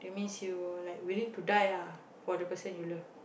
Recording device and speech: boundary microphone, conversation in the same room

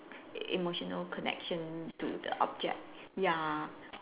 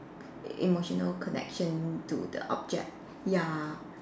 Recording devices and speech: telephone, standing microphone, conversation in separate rooms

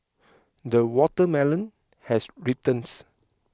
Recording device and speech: close-talking microphone (WH20), read sentence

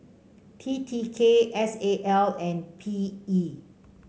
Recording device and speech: mobile phone (Samsung C5), read sentence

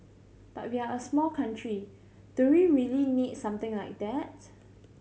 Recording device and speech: mobile phone (Samsung C7100), read sentence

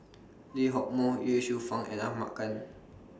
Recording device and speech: standing microphone (AKG C214), read sentence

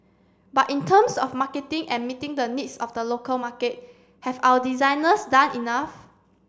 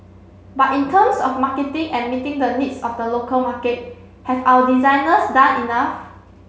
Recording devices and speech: standing microphone (AKG C214), mobile phone (Samsung C7), read sentence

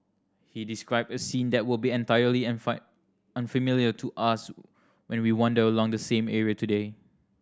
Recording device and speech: standing microphone (AKG C214), read sentence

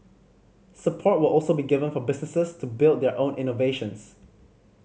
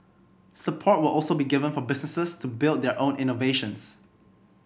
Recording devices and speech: mobile phone (Samsung C5010), boundary microphone (BM630), read sentence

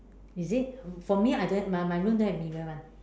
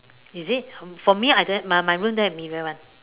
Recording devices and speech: standing microphone, telephone, conversation in separate rooms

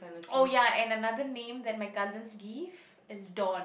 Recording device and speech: boundary microphone, conversation in the same room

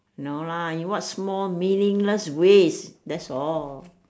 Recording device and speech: standing microphone, conversation in separate rooms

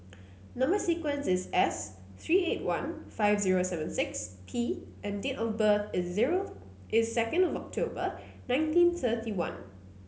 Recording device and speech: mobile phone (Samsung C9), read sentence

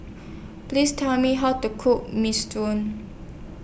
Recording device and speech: boundary microphone (BM630), read sentence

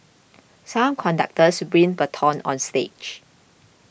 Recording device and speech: boundary microphone (BM630), read sentence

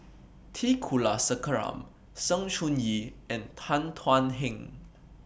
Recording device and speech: boundary microphone (BM630), read sentence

